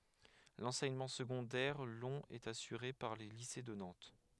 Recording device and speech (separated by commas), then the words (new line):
headset microphone, read sentence
L'enseignement secondaire long est assuré par les lycées de Nantes.